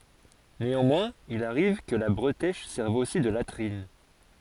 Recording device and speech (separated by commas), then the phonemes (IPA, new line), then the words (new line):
forehead accelerometer, read sentence
neɑ̃mwɛ̃z il aʁiv kə la bʁətɛʃ sɛʁv osi də latʁin
Néanmoins, il arrive que la bretèche serve aussi de latrines.